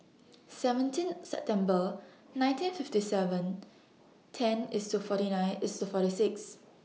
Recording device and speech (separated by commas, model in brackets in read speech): mobile phone (iPhone 6), read sentence